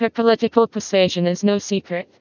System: TTS, vocoder